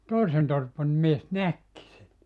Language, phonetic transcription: Finnish, "tòisen 'torpan̳ 'mies "näkki sen .
- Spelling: toisen torpan mies näkikin sen

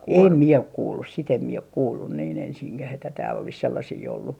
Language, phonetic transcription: Finnish, 'em 'mie ok 'kuullus si't ‿em mie ok "kuullun niin 'ensiŋkäh että tääll ‿olis 'sellasii ollu .
- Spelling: en minä ole kuullut sitä en minä ole kuullut niin ensinkään että täällä olisi sellaisia ollut

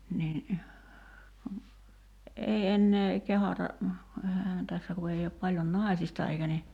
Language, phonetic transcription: Finnish, nin , kun , 'ei ennee , 'kehata , 'ehähään 'tässä ku ei op paljon "nài̬sista eikä ni ,.
- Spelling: niin kun ei enää kehdata eihän tässä kun ei ole paljon naisista eikä niin

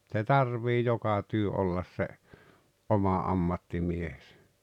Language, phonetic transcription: Finnish, ᵗse "tarvii 'joka 'työ 'ollas 'se , '’oma 'ammattimiehᴇsᴀ̈ .
- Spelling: se tarvitsee joka työ olla se oma ammattimiehensä

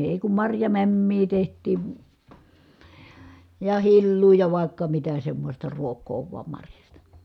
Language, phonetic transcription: Finnish, èi kum marjamämmii teht̀ii , ja hilluu ja vài̮kka mitä semmosta ruok̆koo vuam marjasta .
- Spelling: ei kun marjamämmiä tehtiin ja hilloa ja vaikka mitä semmoista ruokaa vain marjasta

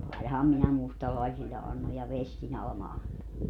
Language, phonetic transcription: Finnish, 'ainaham minä 'mustalaisille annoj ja "vestin 'Alᵃma 'anto .
- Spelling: ainahan minä mustalaisille annoin ja vestin Alma antoi

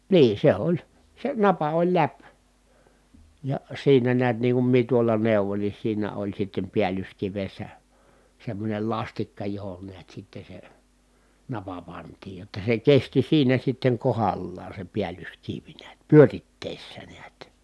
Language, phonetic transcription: Finnish, niin̬ se oĺ , se napa oĺ läp , ja siinä niät niiŋ kum mie tuola neuvoⁱn ni siinä oĺ sittem piälyskivessä , semmońel lastikka johon niät sitte se , napa pantiij jotta se kesti siinä sitteŋ kohallaan̬ se piälyskiv niät pyöritteessä niät .
- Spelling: niin se oli se napa oli läpi ja siinä näet niin kuin minä tuolla neuvoin niin siinä oli sitten päällyskivessä semmoinen lastikka johon näet sitten se napa pantiin jotta se kesti siinä sitten kohdallaan se päällyskivi näet pyörittäessä näet

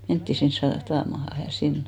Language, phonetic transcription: Finnish, mentti 'sin , sa- , -ta- , -maha ja 'sin ,.
- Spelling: mentiin sinne - - satamaan ja sinne

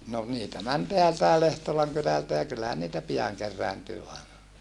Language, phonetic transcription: Finnish, no , niitä män teältäe Lehtolaŋ kylältä ja kyllähän niitä piaŋ kerrääntyy aena .
- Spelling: no niitä meni täältäkin Lehtolan kylältä ja kyllähän niitä pian kerääntyy aina

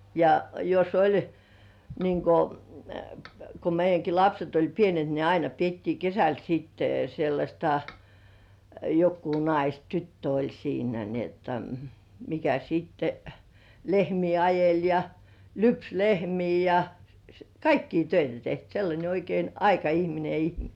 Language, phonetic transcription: Finnish, ja jos "oĺ , niiŋ ko , ko 'meij̆§jäŋki "lapset oĺ 'pienet ni 'aina piettii "kesäl siitte sellaśta , jokkuu "nais "tyttö oĺ siinä ni ‿otta , mikä sitte , "lehmii 'ajel̜ ja , "lyps 'lehmii ja , "kaikki 'töitä tek sellańe oikein "aika₍ihmine (ihm-) .
- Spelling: ja jos oli niin kun kun meidänkin lapset oli pienet niin aina pidettiin kesällä sitten sellaista joku nais tyttö oli siinä niin jotta mikä sitten lehmiä ajeli ja lypsi lehmiä ja kaikkia töitä teki sellainen oikein aikaihminen -

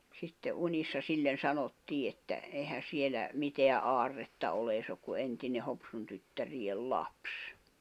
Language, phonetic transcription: Finnish, 'sitte 'uńissa 'sillen̬ 'sanottii että , 'ehän̬ 'sielä , 'miteä "’aarretta ole ei sᵉ ‿ok ku 'entine 'Hopsun tyttäriʲel "laps .
- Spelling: sitten unissa sille sanottiin että eihän siellä mitään aarretta ole ei se ole kuin entinen Hopsun tyttärien lapsi

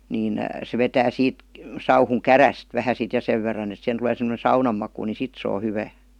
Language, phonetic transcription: Finnish, 'niin , se 'vetää 'siit , sauhuŋ "käräst , vähä sit ja 'sev verran ‿et sihen tuˡee sem°ne 'saunam maku ni 'sit se o "hyvää .
- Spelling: niin se vetää siitä sauhun kärystä vähän sitten ja sen verran että siihen tulee semmoinen saunan maku niin sitten se on hyvää

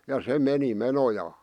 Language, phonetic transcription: Finnish, ja "se 'meni 'menojaa .
- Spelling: ja se meni menojaan

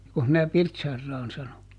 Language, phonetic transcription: Finnish, ˈjokoh mⁱnä "Pirtsarraan ˈsano ?
- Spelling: jokos minä Pirtsaran sanoin

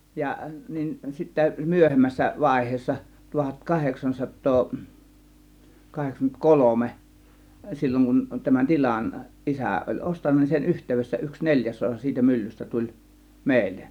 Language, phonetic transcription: Finnish, 'ja , nin sittä 'myöhemmässä 'vàėh̀eessa 'tuhat 'kaheksansattoo , 'kaheksaŋkymment "kolome , 'sil͕l͕oŋ kun tämän "til͕an , "ˀisä̀ oĺ 'ˀostanna nin sen 'yht̀èyvessä yks 'neĺjäs 'osa siitä 'myllystä tuĺ , 'mèillen .
- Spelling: ja niin sitten myöhemmässä vaiheessa tuhat kahdeksansataa kahdeksankymmentä kolme silloin kun tämän tilan isä oli ostanut niin sen yhteydessä yksi neljäs osa siitä myllystä tuli meille

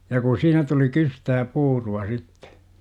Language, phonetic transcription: Finnish, ja ku 'siinä tuli "kystää "puuru₍a 'sittE !
- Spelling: ja kun siinä tuli kystää puuroa sitten

